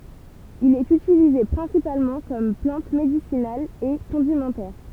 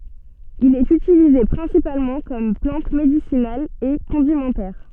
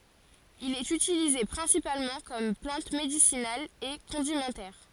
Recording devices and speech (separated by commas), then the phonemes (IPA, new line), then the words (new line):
temple vibration pickup, soft in-ear microphone, forehead accelerometer, read sentence
il ɛt ytilize pʁɛ̃sipalmɑ̃ kɔm plɑ̃t medisinal e kɔ̃dimɑ̃tɛʁ
Il est utilisé principalement comme plante médicinale et condimentaire.